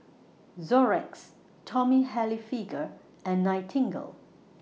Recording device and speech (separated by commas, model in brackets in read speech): mobile phone (iPhone 6), read sentence